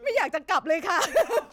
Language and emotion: Thai, happy